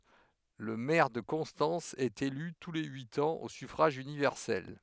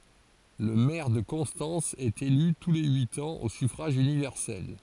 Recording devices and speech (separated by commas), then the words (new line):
headset microphone, forehead accelerometer, read sentence
Le maire de Constance est élu tous les huit ans au suffrage universel.